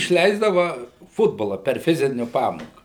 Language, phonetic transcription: Lithuanian, išˈleisdava ˈfutbola per ˈfiziniu ˈpamoką

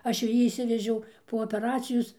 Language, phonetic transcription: Lithuanian, ˈaš jau ˈjį išˈsivežiau po opeˈracijos

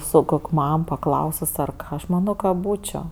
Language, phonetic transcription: Lithuanian, su ˈkok' ˈmam paˈklausus ˈar ˈaš ˈmano ka ˈbūčio

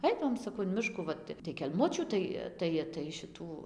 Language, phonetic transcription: Lithuanian, ˈaidavom saˈkau in ˈmiškų ˈvat ta tai kelˈmučių ˈtai ˈtai tai šiˈtų

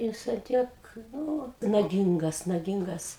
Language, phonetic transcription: Lithuanian, ˈjis an ˈtiek ˈnu naˈgingas naˈgingas

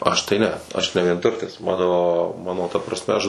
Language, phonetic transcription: Lithuanian, ˈaš tai ˈne ˈaš ne vienˈturtis ˈmano ˈmano ta prasˈme aš

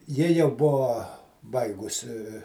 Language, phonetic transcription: Lithuanian, ˈji jau ˈbuvo ˈbaigusi

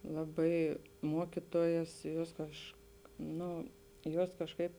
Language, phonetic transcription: Lithuanian, ˈlaˌbai ˈmuokituojas ˈjuos kažk ˈno ˈjuos kažˈkaip

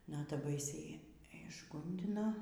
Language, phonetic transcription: Lithuanian, ˈnata ˈbaisiai išˈgundina

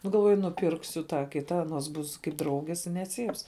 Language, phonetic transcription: Lithuanian, ˈnu galˈvuoju nuˈpirksu ˈtą ˈkita aˈnos ˈbus kaip ˈdraugės i neˈcyps

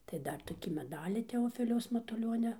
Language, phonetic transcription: Lithuanian, tai ˈdar toˈkį meˈdalį teoˈfiliaus matuˈlionia

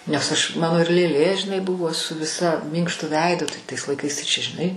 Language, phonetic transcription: Lithuanian, nes aš ˈmano ir lėˈlė žiˈnai ˈbuvo su ˈvisa ˈmynkštu ˈveidu tai tais laiˈkais tai čia žiˈnai

